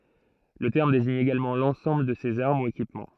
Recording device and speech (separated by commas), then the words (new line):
throat microphone, read sentence
Le terme désigne également l'ensemble de ces armes ou équipements.